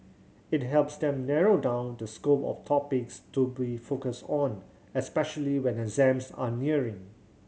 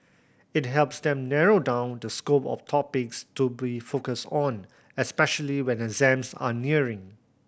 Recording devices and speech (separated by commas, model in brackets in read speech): mobile phone (Samsung C7100), boundary microphone (BM630), read sentence